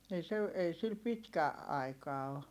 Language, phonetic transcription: Finnish, ei se , ei sil pitkä , aika o .
- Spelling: ei se ei sillä pitkä aika ole

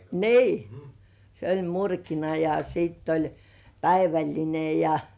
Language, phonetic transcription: Finnish, nii , 'se oĺ "murkina , ja sìtt ‿oĺ 'päiväĺline ja - -
- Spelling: niin se oli murkina ja sitten oli päivällinen ja

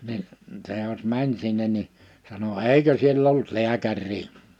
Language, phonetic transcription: Finnish, ni , se jos 'mäń sinnen ni , sano » "èikö siell ‿olt "liäkär̆rii .
- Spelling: niin se jos meni sinne niin sanoi eikö siellä ollut lääkäriä

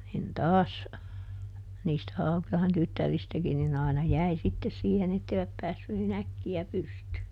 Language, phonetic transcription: Finnish, nin ˈtaas , niistä ˈHaukⁱlahen ˈtyttäristäkin nin ‿àina "jäi ˈsittes siihen ‿etteiväp ˈpäässy niˈn ‿äkki₍ä ˈpystyy .
- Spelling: niin taas niistä Haukilahden tyttäristäkin niin aina jäi sitten siihen että eivät päässyt niin äkkiä pystyyn

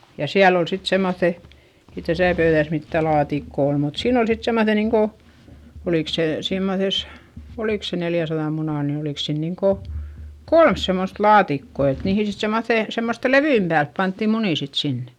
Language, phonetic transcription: Finnish, ja siäl ol sit semmoϑϑe , ei täsä̀ pöyδäs mittä laatikko ol mut siin ‿ol sit semmoϑe niiŋko , olìk se simmoses , olìk se neljäsaδam munàn ni olìk se niiŋko , kolm semmost laatikko et niihi sit semmoϑè , semmoste levyimp päälp pantti munì sit sinnE .
- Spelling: ja siellä oli sitten semmoiset ei tässä pöydässä mitään laatikkoa ole mutta siinä oli sitten semmoiset niin kuin oliko se semmoisessa oliko se neljänsadan munan niin oliko se niin kuin kolme semmoista laatikkoa että niihin sitten semmoisten semmoisten levyjen päälle pantiin munia sitten sinne

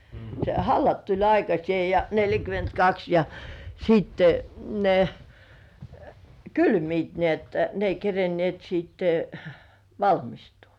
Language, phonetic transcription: Finnish, se "hallat tuĺ 'aikasĭè ja 'neljäkymentkaks ja , 'siitte , ne , "kylmiit ni ‿että ne ei 'kerenĭèt sittᴇ , "valmistuu .
- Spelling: se hallat tuli aikaiseen ja neljäkymmentäkaksi ja sitten ne kylmivät niin että ne ei kerinneet sitten valmistua

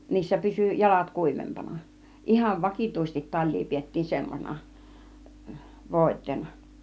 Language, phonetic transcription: Finnish, 'niissä pysy "jalat "kùivempana , 'ˀihav "vakìtŭisestit 'taĺ̆lii piettiin 'semmosena , 'vòit̆teena .
- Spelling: niissä pysyi jalat kuivempana ihan vakituisesti talia pidettiin semmoisena voiteena

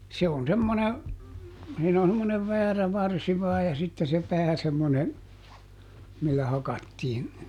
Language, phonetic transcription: Finnish, se on ˈsemmone , ˈsiin ‿on semmonev "väärä ˈvarsi vaaj ja ˈsitte se "pää semmone , millä ˈhakattiin .
- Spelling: se on semmoinen siinä on semmoinen väärä varsi vain ja sitten se pää semmoinen millä hakattiin

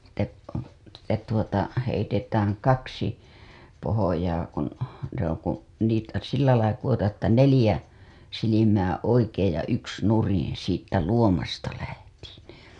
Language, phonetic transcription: Finnish, si t̆te , sit̆te tuota , heitetääŋ 'kaksi , pohojaa kun , se ‿oŋ kun̬ , niitä 'sillälai kuWotaaa̰ ‿että 'nelĭjä , silimää 'oikeej ja 'yks nuriḭ siittä 'luomasta lähtIIN .
- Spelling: sitten tuota sitten tuota heitetään kaksi pohjaa kun se on kun niitä sillä lailla kudotaan että neljä silmää oikein ja yksi nurin siitä luomasta lähtien

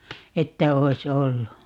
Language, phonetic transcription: Finnish, 'että 'oi̮s "ollu .
- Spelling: että olisi ollut

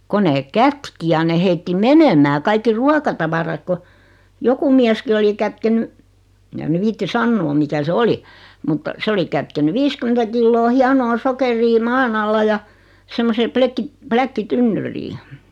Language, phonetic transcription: Finnish, 'ko neek "kätki ja ne 'heitti "menemää kaikki 'ruakatavara(k) ko , 'joku miäski 'oli 'kätkeny , (eŋkä) mä 'viitti "sanno 'mikä se "oli , mutta , 'se oli kätkeny "viiskymentä 'killoo 'hianoo 'sokerii "maan ‿alla ja , 'semmosee 'plekki- , 'pläkki'tynnyrii .
- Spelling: kun ne kätki ja ne heitti menemään kaikki ruokatavarat kun joku mieskin oli kätkenyt enkä minä viitsi sanoa mikä se oli mutta se oli kätkenyt viisikymmentä kiloa hienoa sokeria maan alla ja semmoiseen - pläkkitynnyriin

